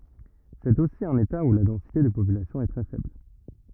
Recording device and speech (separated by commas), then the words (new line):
rigid in-ear microphone, read sentence
C'est aussi un État où la densité de population est très faible.